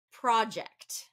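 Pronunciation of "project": In 'project', the stress is on the first syllable.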